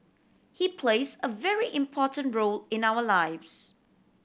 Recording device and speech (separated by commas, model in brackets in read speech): boundary microphone (BM630), read sentence